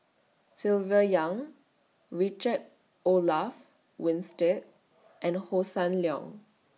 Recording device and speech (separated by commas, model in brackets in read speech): mobile phone (iPhone 6), read sentence